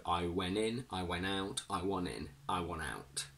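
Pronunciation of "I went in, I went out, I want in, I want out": In 'I went in, I went out, I want in, I want out', the t at the end of 'went' and 'want' is dropped completely before the vowels of 'in' and 'out'.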